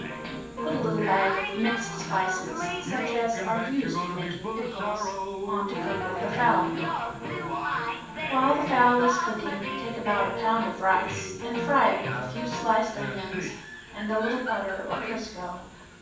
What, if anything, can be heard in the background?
A television.